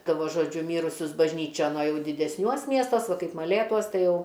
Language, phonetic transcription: Lithuanian, ˈta va ˈžodžiu ˈmyrusius bažˈnyčion o ˈjau didesˈniuos ˈmiestuos ˈva ˈkaip maˈlėtuos ˈtai ˈjau

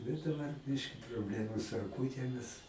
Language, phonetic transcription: Lithuanian, bet daˈbar ˈbiški probˈlemu su aˈkūtėmis

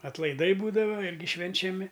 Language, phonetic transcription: Lithuanian, atlaiˈdai ˈbūdava ˈirgi švenčiaˈmi

